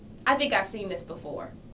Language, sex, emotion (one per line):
English
female
neutral